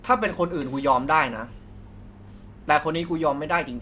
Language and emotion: Thai, frustrated